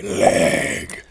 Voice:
raspy voice